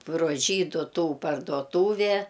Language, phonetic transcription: Lithuanian, pro ˈžydu ˈtų pardoˈtūve

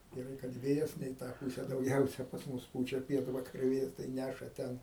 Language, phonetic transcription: Lithuanian, geˈrai kad ˈvėjas ne į ˈtą pūse dauˈgiausia pas ˈmus ˈpūčia ˈpietvakariu ˈvėjas tai ˈnæša ˈten

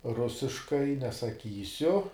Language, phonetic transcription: Lithuanian, ˈrusiškai nesaˈkysiu

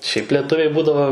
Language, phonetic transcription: Lithuanian, šiaip leˈtuviai ˈbūdavo

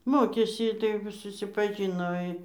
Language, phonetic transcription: Lithuanian, ˈmokėsi tai jau susipaˈžino i

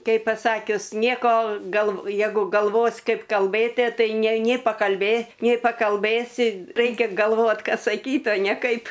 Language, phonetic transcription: Lithuanian, ˈkeip paˈsakius ˈnieko ˈgal ˈjeigu galˈvos ˈkaip kalˈbɘtie ˈtai ˈne ˈni pakalˈbė nei pakalˈbɘsi ˈraikia galˈvot' ˈkas saˈkyt' o ne ˈkaip

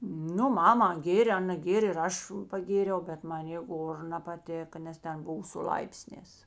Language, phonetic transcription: Lithuanian, ˈnu ˈmama ˈgėrė ˈana ˈgėrė ir ˈaš paˈgėriau ˈbet ˈmanė ˈgor napaˈtika nes ˈten ˈbuva su ˈlaipsnēs

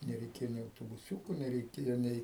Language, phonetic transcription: Lithuanian, nereiˈkėjo nei autobuˈsiūku nereiˈkėjo ˈnei

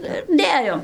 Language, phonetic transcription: Lithuanian, ˈnu ir ˈdėjom

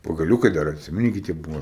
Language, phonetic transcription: Lithuanian, pagaˈliūkai dar atˈsimeni gi ˈtie ˈbuvo

